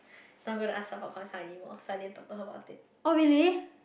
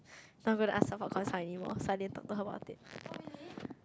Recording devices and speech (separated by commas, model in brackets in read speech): boundary microphone, close-talking microphone, conversation in the same room